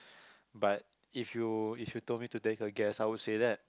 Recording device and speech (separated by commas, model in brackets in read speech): close-talking microphone, conversation in the same room